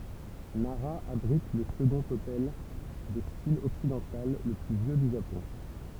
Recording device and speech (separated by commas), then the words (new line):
temple vibration pickup, read sentence
Nara abrite le second hôtel de style occidental le plus vieux du Japon.